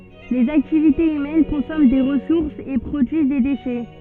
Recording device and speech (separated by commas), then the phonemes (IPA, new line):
soft in-ear microphone, read sentence
lez aktivitez ymɛn kɔ̃sɔmɑ̃ de ʁəsuʁsz e pʁodyiz de deʃɛ